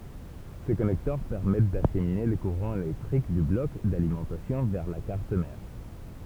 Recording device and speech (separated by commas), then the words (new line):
temple vibration pickup, read sentence
Ces connecteurs permettent d'acheminer le courant électrique du bloc d'alimentation vers la carte mère.